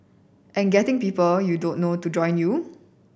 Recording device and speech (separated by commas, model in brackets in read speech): boundary microphone (BM630), read sentence